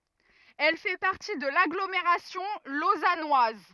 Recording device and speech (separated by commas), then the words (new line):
rigid in-ear microphone, read sentence
Elle fait partie de l'agglomération lausannoise.